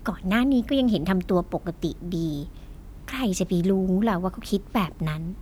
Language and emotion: Thai, frustrated